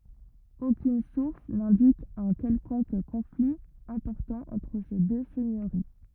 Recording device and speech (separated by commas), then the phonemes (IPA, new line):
rigid in-ear microphone, read sentence
okyn suʁs nɛ̃dik œ̃ kɛlkɔ̃k kɔ̃fli ɛ̃pɔʁtɑ̃ ɑ̃tʁ se dø sɛɲøʁi